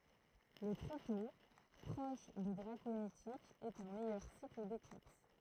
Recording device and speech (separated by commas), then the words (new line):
throat microphone, read sentence
Le tritos, proche de draconitiques, est un meilleur cycle d'éclipse.